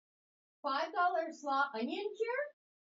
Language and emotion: English, surprised